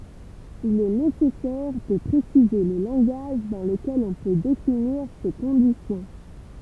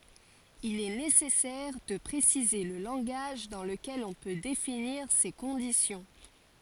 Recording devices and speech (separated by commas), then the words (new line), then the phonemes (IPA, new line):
temple vibration pickup, forehead accelerometer, read sentence
Il est nécessaire de préciser le langage dans lequel on peut définir ces conditions.
il ɛ nesɛsɛʁ də pʁesize lə lɑ̃ɡaʒ dɑ̃ ləkɛl ɔ̃ pø definiʁ se kɔ̃disjɔ̃